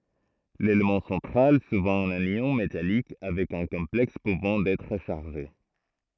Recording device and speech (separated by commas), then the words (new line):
throat microphone, read sentence
L'élément central, souvent un ion métallique avec un complexe pouvant être chargé.